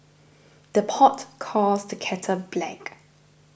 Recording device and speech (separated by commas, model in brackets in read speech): boundary microphone (BM630), read sentence